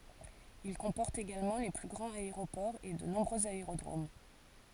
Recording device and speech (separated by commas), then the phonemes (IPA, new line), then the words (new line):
forehead accelerometer, read sentence
il kɔ̃pɔʁt eɡalmɑ̃ le ply ɡʁɑ̃z aeʁopɔʁz e də nɔ̃bʁøz aeʁodʁom
Il comporte également les plus grands aéroports et de nombreux aérodromes.